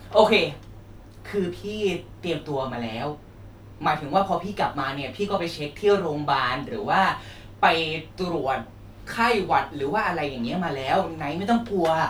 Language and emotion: Thai, frustrated